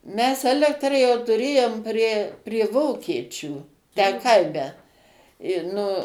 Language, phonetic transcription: Lithuanian, mes ˈelektra jau tuˈrėjom prie prie ˈvokiečių tę ˈkaime i ˈnu

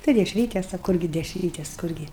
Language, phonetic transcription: Lithuanian, tai dešˈrytes a ˈkurgi dešˈrytes ˈkurgi

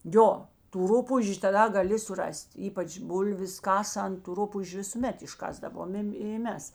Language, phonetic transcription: Lithuanian, ˈjo tų ˈrupūžiu taˈda gaˈli suˈras't' ˈypač ˈbulvis ˈkasant tu ˈrupūžiu visuˈmet išˈkasdavomėm i ˈmes

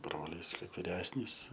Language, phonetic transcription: Lithuanian, ˈbrolys ˈkaip viˈresnys

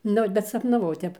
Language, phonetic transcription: Lithuanian, ˈnu bet sapnaˈvau ˈtep

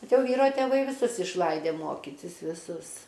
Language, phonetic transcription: Lithuanian, ˈbet ˈjau ˈvyro tėˈvai viˈsus išˈlaidė ˈmokytis viˈsus

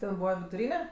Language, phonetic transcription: Lithuanian, ten ˈbūva viduˈryne

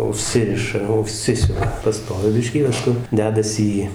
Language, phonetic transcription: Lithuanian, uˈžsiriša uˈžsisiuva paˈstovi ˈbiškį pasˈku ˈdedasi į

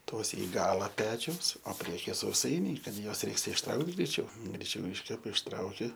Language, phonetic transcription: Lithuanian, ˈtos i ˈgala ˈpečiaus o ˈpriekije sauˈsainiai ˈkad ˈjuos ˈreiks išˈtraukt greiˈčiau greiˈčiau ˈiškepa išˈtrauki

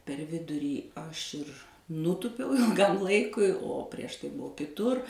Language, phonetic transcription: Lithuanian, per ˈvidurį ˈaš ir ˈnūtupiau ilˈgam ˈlaikui o prieš ˈtai ˈbuu kiˈtur

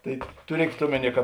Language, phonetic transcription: Lithuanian, tai tuˈriekėt ˈomeˌnie ka

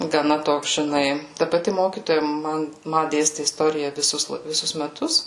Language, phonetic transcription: Lithuanian, gaˈna ˈtoks žiˈnai ˈta paˈti ˈmokytoja ˈman ˈma ˈdėsti isˈtorija viˈsus viˈsus meˈtus

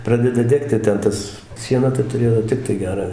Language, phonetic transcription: Lithuanian, ˈpradeda ˈdegti ten ˈtas ˈšiena ta tuˈrėjo ˈtiktai ˈgerą ˈvežt

